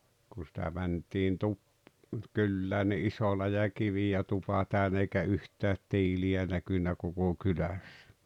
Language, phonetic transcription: Finnish, ku sⁱtä mänt̀iin 'tu- , 'kyllää ni '’iso läjä "kivijä 'tupa täynä eikä "yht̀äät "tiili₍ä 'näkynä koko "kylässᴀ̈ .
- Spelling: kun sitä mentiin - kylään niin iso läjä kiviä tupa täynnä eikä yhtään tiiliä näkynyt koko kylässä

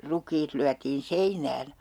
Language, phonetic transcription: Finnish, "ruk̀iit lyätiin 'seinään .
- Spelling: rukiit lyötiin seinään

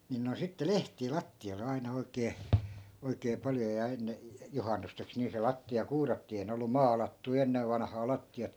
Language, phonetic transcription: Finnish, nin noin̬ 'sitte "lehtii 'latti₍oi̮le 'aina 'oikee , 'oikee paljo ja 'enne , 'juhannusteks nii se 'latti₍a 'kuurattii ei ne ollu "maalattui̮ 'ennev vanᵃhaa 'latti₍at .
- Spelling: niin noin sitten lehtiä lattioille aina oikein oikein paljon ja ennen juhannukseksi niin se lattia kuurattiin ei ne ollut maalattuja ennen vanhaan lattiat

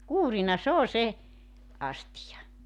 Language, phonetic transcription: Finnish, "kuurina 's ‿oo 'se , "astija .
- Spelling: kuurina se on se astia

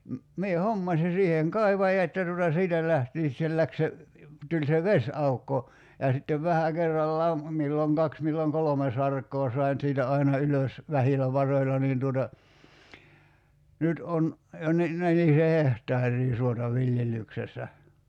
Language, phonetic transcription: Finnish, 'mie "hommasi 'siiheeŋ "kai̬vajat ja tuta 'siitä lähtii (sit) se 'läk se , 'tuĺ se "ves₍aukko , ja sittev "vähä 'kerrallaam , 'milloŋ 'kaks milloŋ "kolome sark̀oo 'sai̬n siitä 'aina 'ylös , "vähilä 'varoila niin tuota , 'nyt on , jo ni , 'nelise "heht̀aar̀ii 'suota "viljellyksessä .
- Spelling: minä hommasin siihen kaivajat ja tuota siitä lähtien sitten se lähti se tuli se vesiaukko ja sitten vähän kerrallaan milloin kaksi milloin kolme sarkaa sain siitä aina ylös vähillä varoilla niin tuota nyt on jo niin nelisen hehtaaria suota viljelyksessä

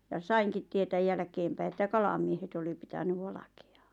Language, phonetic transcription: Finnish, ja "saiŋkit tietäj 'jälᵃ̈keempäi että "kalamiehet oli 'pitäny 'valᵃkᴇ₍ᴀᴀ .
- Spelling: ja sainkin tietää jälkeenpäin että kalamiehet oli pitänyt valkeaa

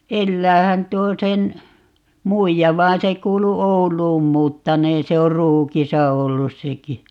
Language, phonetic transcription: Finnish, "elläähän 'tuo sen , "muija 'vaan se 'kuulu "Oul̀uun 'muuttaneen - 'se or "Ruukisa 'ollus 'seki .
- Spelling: eläähän tuo sen muija vaan se kuului Ouluun muuttaneen se on Ruukissa ollut sekin

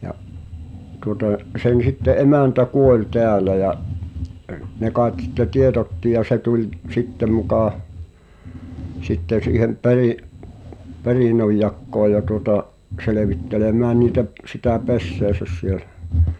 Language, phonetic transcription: Finnish, ja’ , tuŏta’ , sen̬ sitte '’emä̀ntä "kuoĺ 'tɛälä ja’ , ne káet sitte 'tieᴅ̳otti ja 'se tuĺ , "sitte mukà , 'sitten̬ siihem 'peri’- , "perìnojjakkoo ja tuŏta’ , 'selevittelemään niitä p- , sitä "pesseäsäs sielᴬ̈ .
- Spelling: ja tuota sen sitten emäntä kuoli täällä ja ne kai sitten tiedotti ja se tuli sitten muka sitten siihen - perinnönjakoon ja tuota selvittelemään niitä - sitä pesäänsä siellä

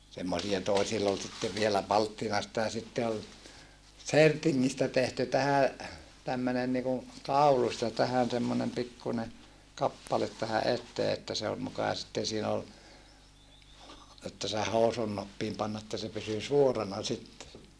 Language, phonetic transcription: Finnish, semmosija toesill ‿ol sitte vielä palttinasta ja sitte ol , sertiŋŋistä tehty tähä , tämmönen niku , kaulus ja tähän semmonem pikkune , kappalet tähä ʼettee että se ol mukà sitten siin ‿ol , että se housunnuppiim pan että se pysy suorana sitte .
- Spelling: semmoisia toisilla oli sitten vielä palttinasta ja sitten oli sertingistä tehty tähän tämmöinen niin kuin kaulus ja tähän semmoinen pikkuinen kappale tähän eteen että se oli muka sitten siinä oli että sen housunnuppiin pani että se pysyi suorana sitten

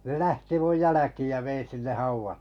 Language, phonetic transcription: Finnish, ne 'lähti 'muj jäläkiij ja vein̬ 'sinneh hauval- .
- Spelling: ne lähti minun jälkiin ja vein sinne -

